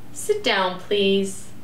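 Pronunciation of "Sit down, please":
'Sit down, please' is a request said with a rising intonation.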